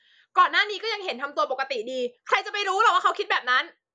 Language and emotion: Thai, angry